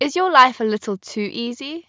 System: none